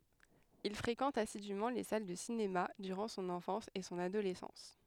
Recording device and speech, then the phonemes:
headset microphone, read sentence
il fʁekɑ̃t asidymɑ̃ le sal də sinema dyʁɑ̃ sɔ̃n ɑ̃fɑ̃s e sɔ̃n adolɛsɑ̃s

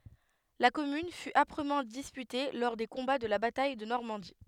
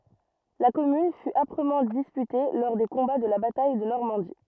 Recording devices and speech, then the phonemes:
headset microphone, rigid in-ear microphone, read sentence
la kɔmyn fy apʁəmɑ̃ dispyte lɔʁ de kɔ̃ba də la bataj də nɔʁmɑ̃di

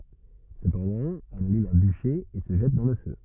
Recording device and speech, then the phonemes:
rigid in-ear microphone, read sentence
səpɑ̃dɑ̃ ɛl alym œ̃ byʃe e sə ʒɛt dɑ̃ lə fø

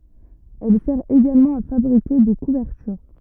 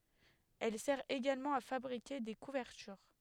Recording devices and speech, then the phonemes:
rigid in-ear microphone, headset microphone, read sentence
ɛl sɛʁ eɡalmɑ̃ a fabʁike de kuvɛʁtyʁ

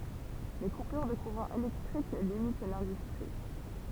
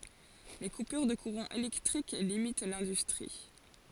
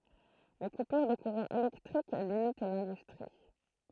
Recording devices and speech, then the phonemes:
temple vibration pickup, forehead accelerometer, throat microphone, read sentence
le kupyʁ də kuʁɑ̃ elɛktʁik limit lɛ̃dystʁi

